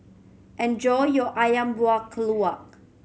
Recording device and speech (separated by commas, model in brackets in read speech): mobile phone (Samsung C7100), read sentence